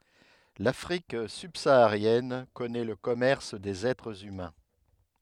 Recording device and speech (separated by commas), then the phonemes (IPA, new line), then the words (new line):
headset microphone, read sentence
lafʁik sybsaaʁjɛn kɔnɛ lə kɔmɛʁs dez ɛtʁz ymɛ̃
L'Afrique subsaharienne connaît le commerce des êtres humains.